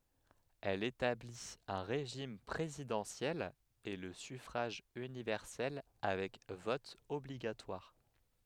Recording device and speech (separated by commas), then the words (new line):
headset microphone, read sentence
Elle établit un régime présidentiel et le suffrage universel avec vote obligatoire.